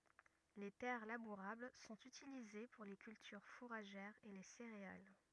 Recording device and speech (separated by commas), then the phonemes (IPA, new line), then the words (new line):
rigid in-ear microphone, read sentence
le tɛʁ labuʁabl sɔ̃t ytilize puʁ le kyltyʁ fuʁaʒɛʁz e le seʁeal
Les terres labourables sont utilisées pour les cultures fourragères et les céréales.